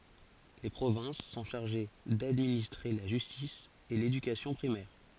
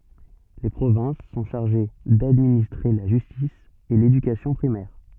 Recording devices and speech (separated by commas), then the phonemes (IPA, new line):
forehead accelerometer, soft in-ear microphone, read sentence
le pʁovɛ̃s sɔ̃ ʃaʁʒe dadministʁe la ʒystis e ledykasjɔ̃ pʁimɛʁ